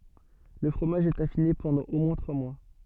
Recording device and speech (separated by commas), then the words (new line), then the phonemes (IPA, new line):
soft in-ear microphone, read sentence
Le fromage est affiné pendant au moins trois mois.
lə fʁomaʒ ɛt afine pɑ̃dɑ̃ o mwɛ̃ tʁwa mwa